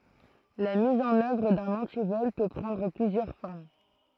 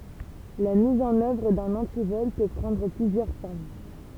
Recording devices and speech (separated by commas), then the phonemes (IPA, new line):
throat microphone, temple vibration pickup, read sentence
la miz ɑ̃n œvʁ dœ̃n ɑ̃tivɔl pø pʁɑ̃dʁ plyzjœʁ fɔʁm